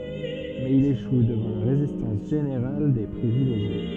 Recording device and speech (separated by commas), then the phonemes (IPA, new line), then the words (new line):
soft in-ear microphone, read sentence
mɛz il eʃu dəvɑ̃ la ʁezistɑ̃s ʒeneʁal de pʁivileʒje
Mais il échoue devant la résistance générale des privilégiés.